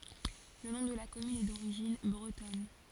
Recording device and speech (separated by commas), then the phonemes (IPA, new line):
forehead accelerometer, read sentence
lə nɔ̃ də la kɔmyn ɛ doʁiʒin bʁətɔn